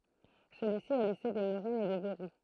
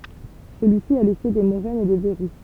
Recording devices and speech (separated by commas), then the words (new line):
throat microphone, temple vibration pickup, read sentence
Celui-ci a laissé des moraines et des verrous.